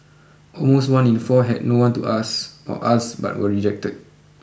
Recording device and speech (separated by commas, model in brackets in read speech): boundary microphone (BM630), read sentence